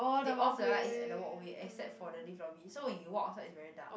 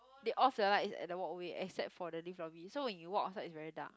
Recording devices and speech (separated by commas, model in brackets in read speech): boundary microphone, close-talking microphone, conversation in the same room